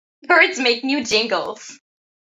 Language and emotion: English, happy